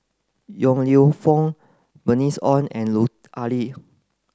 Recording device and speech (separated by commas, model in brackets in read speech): close-talking microphone (WH30), read sentence